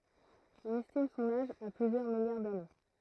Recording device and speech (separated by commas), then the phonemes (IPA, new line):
throat microphone, read sentence
ɔ̃n ɛstim sɔ̃n aʒ a plyzjœʁ miljaʁ dane